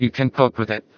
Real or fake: fake